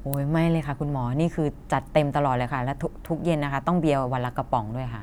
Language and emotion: Thai, neutral